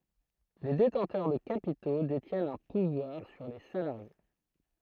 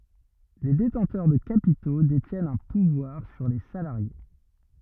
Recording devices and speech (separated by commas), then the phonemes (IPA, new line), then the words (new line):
throat microphone, rigid in-ear microphone, read sentence
le detɑ̃tœʁ də kapito detjɛnt œ̃ puvwaʁ syʁ le salaʁje
Les détenteurs de capitaux détiennent un pouvoir sur les salariés.